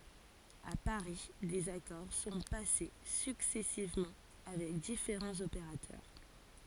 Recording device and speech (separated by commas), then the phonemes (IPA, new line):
forehead accelerometer, read sentence
a paʁi dez akɔʁ sɔ̃ pase syksɛsivmɑ̃ avɛk difeʁɑ̃z opeʁatœʁ